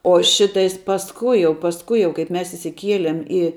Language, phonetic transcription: Lithuanian, o ˈšitais pasˈkui jau pasˈkui jau ˈkaip ˈmes išsiˈkieliem i

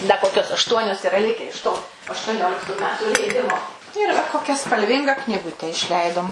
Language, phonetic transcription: Lithuanian, da ˈkokios ašˈtuonios iˈra ˈlike iš to aštuoˈnioliktų ˈmetų leiˈdimo ir va ˈkokia spalˈvinga knyˈgute išˈleidom

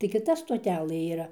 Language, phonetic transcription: Lithuanian, tai kiˈta stoˈtelɘ yˈra

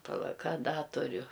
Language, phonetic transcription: Lithuanian, paˈla ˈka ˈda tuˈriu

